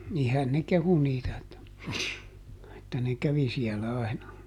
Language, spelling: Finnish, niinhän ne kehui niitä että että ne kävi siellä aina
- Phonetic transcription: ˈnihän ne ˈkehu niitä että , että ne ˈkävi siɛlä ˈaina .

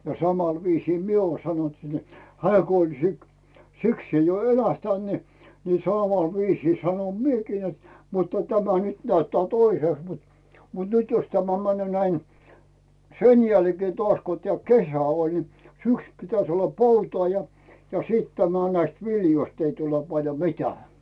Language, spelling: Finnish, ja samalla viisin minä ole sanonut sitten että hän kun oli - sikseen jo elähtänyt niin niin samalla viisin sanon minäkin että mutta tämä nyt näyttää toisesta mutta mutta nyt jos tämä menee näin sen jälkeen taas kun tämä kesä oli niin syksyn pitäisi olla poutaa ja ja sitten tämä näistä viljoista ei tule paljon mitään
- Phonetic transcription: ja 'samal viisii "mie uo sanont si ‿et "hᵉää ko oĺ si- , 'siksee jo 'elähtänt ni , ni "sàmàl 'viisii sanom 'miekii net , mutta 'tämä nyt näyttää "toisèst mut , mut 'nyt jos 'tämä männʸö̀ näi , 'sen jälkee toaś ko 'teä̀ "kesä oĺ ni , 'syksʸ pitäs olla "poutaa ja , ja 'sìt tämä näist "viljoist ei tule 'paljo "mi̬tää .

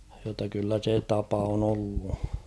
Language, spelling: Finnish, jotta kyllä se tapa on ollut
- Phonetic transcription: jotta kyllä 'se 'tapa on ‿ollu .

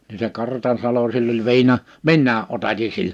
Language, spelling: Finnish, niin se Kartansalo sillä oli - minäkin otatin sillä
- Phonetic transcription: ni se 'Kartansalo sill ‿oĺ 'viina- , "minnää’ '’otati sill[ä] .

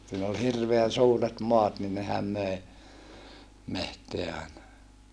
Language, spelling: Finnish, siinä oli hirveän suuret maat niin nehän möi metsää aina
- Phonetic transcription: siin ‿ol hirveän̬ suuret moat ni nehäm möe , meht̀eä aena .

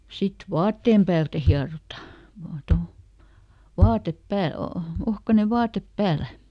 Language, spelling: Finnish, sitten vaatteen päältä hierotaan vain tuolla vaatteen päällä on ohkainen vaate päällä
- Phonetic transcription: ˈsit "vaatteem päältä ˈhiarota , vaa ˈtol , ˈvaatep ˈpääl ‿o , ˈohkane ˈvaatep "päälä .

